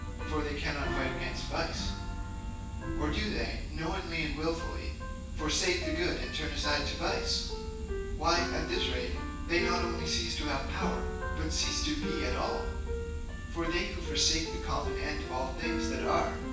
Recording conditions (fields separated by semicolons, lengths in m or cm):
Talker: one person; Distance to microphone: 9.8 m; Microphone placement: far; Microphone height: 1.8 m; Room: large; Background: music